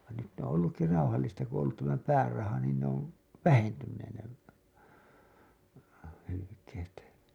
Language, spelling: Finnish, vaan nyt ne on ollutkin rauhallista kun on ollut tämä pääraha niin ne on vähentyneet ne hylkeet
- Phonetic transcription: van nyt ne ‿on ollukki 'rauhallista ku ‿oo̰ ‿ollut tämä 'pääraha niin ne ‿ov , "vähentynneen ne , hylykeet .

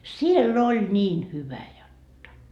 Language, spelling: Finnish, siellä oli niin hyvä jotta
- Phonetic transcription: "siel'l ‿oĺ 'niin 'hyvä jotta .

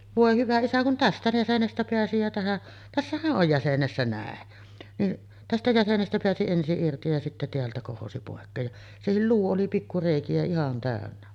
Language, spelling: Finnish, voi hyvä isä kun tästä jäsenestä pääsi ja tähän tässähän on jäsenessä näin niin tästä jäsenestä pääsi ensin irti ja sitten täältä kohosi pois ja sekin luu oli pikku reikiä ihan täynnä
- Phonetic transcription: 'vòe 'hyvä isä kun "tästä 'jäsenestä peäsi jä tähäˀ , tässähäˀ ˀoj 'jäsenessä nä̀en , niˀ , 'tästä 'jäsenestä peäsi ensi’ ’irti ja sittä 'teältä kohosi pòekkeej ja , 'sehil "luu oli pikku 'rèiki₍ä 'ihan tä̀önnä .

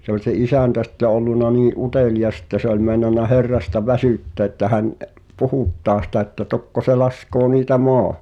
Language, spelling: Finnish, se oli se isäntä sitten ollut niin utelias että se oli meinannut Herrasta väsyttää että hän - puhuttaa sitä että tokko se laskee niitä maahan
- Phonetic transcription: se ‿oĺ se "isä̀ntä sitte olluna nii’ "’uteliʲas ᵉttä se ‿oĺ mèi̬nanna 'Herrasta "väsỳtteä̆ ᵉttä hän ’e- , "puhùttaa sⁱtä että 'tokko se 'laskoo niitä "moa[ha] .

